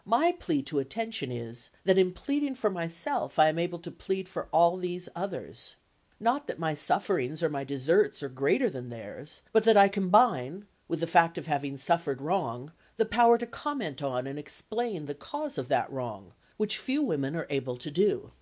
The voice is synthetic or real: real